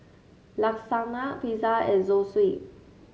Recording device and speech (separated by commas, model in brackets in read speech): mobile phone (Samsung S8), read sentence